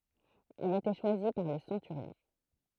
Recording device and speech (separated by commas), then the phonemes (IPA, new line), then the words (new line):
throat microphone, read sentence
il etɛ ʃwazi paʁ lə sɑ̃tyʁjɔ̃
Il était choisi par le centurion.